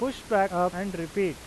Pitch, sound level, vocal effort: 190 Hz, 93 dB SPL, loud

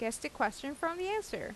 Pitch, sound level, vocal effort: 305 Hz, 85 dB SPL, normal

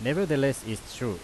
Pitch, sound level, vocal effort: 125 Hz, 89 dB SPL, very loud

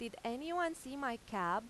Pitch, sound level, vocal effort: 240 Hz, 90 dB SPL, loud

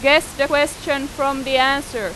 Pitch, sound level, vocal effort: 280 Hz, 94 dB SPL, very loud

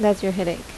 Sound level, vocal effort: 79 dB SPL, normal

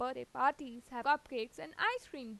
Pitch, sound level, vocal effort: 265 Hz, 92 dB SPL, normal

